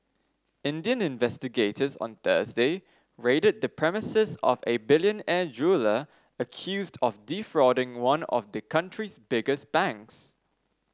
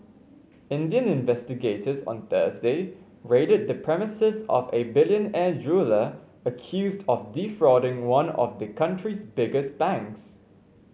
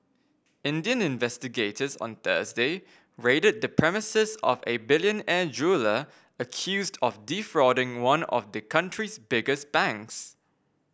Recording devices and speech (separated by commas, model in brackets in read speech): standing microphone (AKG C214), mobile phone (Samsung C5), boundary microphone (BM630), read sentence